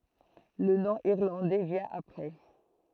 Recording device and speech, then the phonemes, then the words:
throat microphone, read sentence
lə nɔ̃ iʁlɑ̃dɛ vjɛ̃ apʁɛ
Le nom irlandais vient après.

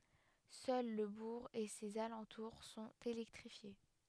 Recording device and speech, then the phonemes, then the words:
headset microphone, read sentence
sœl lə buʁ e sez alɑ̃tuʁ sɔ̃t elɛktʁifje
Seul le bourg et ses alentours sont électrifiés.

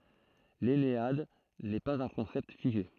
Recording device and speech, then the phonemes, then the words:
throat microphone, read sentence
lɛnead nɛ paz œ̃ kɔ̃sɛpt fiʒe
L'ennéade n'est pas un concept figé.

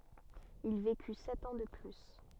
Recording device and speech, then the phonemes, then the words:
soft in-ear microphone, read sentence
il veky sɛt ɑ̃ də ply
Il vécut sept ans de plus.

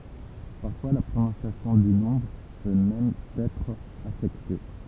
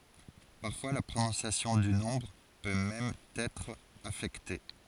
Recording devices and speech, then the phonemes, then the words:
temple vibration pickup, forehead accelerometer, read sentence
paʁfwa la pʁonɔ̃sjasjɔ̃ dy nɔ̃bʁ pø mɛm ɑ̃n ɛtʁ afɛkte
Parfois, la prononciation du nombre peut même en être affectée.

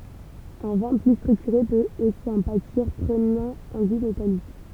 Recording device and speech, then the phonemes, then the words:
temple vibration pickup, read sentence
œ̃ vɛ̃ ply stʁyktyʁe pøt osi ɑ̃ patiʁ pʁənɑ̃ œ̃ ɡu metalik
Un vin plus structuré peut aussi en pâtir, prenant un goût métallique.

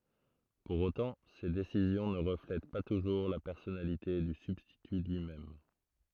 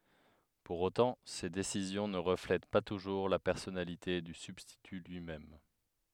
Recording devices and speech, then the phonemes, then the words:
throat microphone, headset microphone, read sentence
puʁ otɑ̃ se desizjɔ̃ nə ʁəflɛt pa tuʒuʁ la pɛʁsɔnalite dy sybstity lyi mɛm
Pour autant, ces décisions ne reflètent pas toujours la personnalité du substitut lui-même.

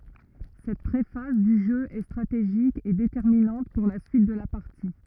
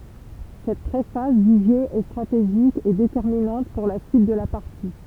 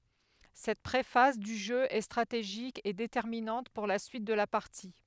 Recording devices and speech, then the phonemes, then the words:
rigid in-ear microphone, temple vibration pickup, headset microphone, read sentence
sɛt pʁefaz dy ʒø ɛ stʁateʒik e detɛʁminɑ̃t puʁ la syit də la paʁti
Cette pré-phase du jeu est stratégique et déterminante pour la suite de la partie.

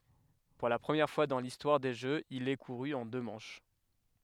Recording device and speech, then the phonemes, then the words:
headset microphone, read sentence
puʁ la pʁəmjɛʁ fwa dɑ̃ listwaʁ de ʒøz il ɛ kuʁy ɑ̃ dø mɑ̃ʃ
Pour la première fois dans l'histoire des Jeux, il est couru en deux manches.

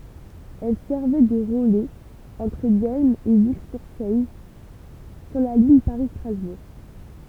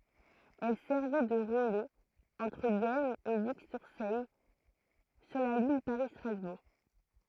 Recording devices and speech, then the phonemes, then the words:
temple vibration pickup, throat microphone, read sentence
ɛl sɛʁvɛ də ʁəlɛz ɑ̃tʁ dɛlm e viksyʁsɛj syʁ la liɲ paʁistʁazbuʁ
Elle servait de relais entre Delme et Vic-sur-Seille sur la ligne Paris-Strasbourg.

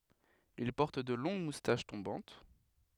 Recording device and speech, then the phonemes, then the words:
headset microphone, read sentence
il pɔʁt də lɔ̃ɡ mustaʃ tɔ̃bɑ̃t
Il porte de longues moustaches tombantes.

